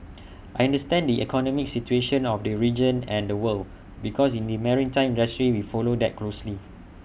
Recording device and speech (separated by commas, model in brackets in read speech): boundary microphone (BM630), read sentence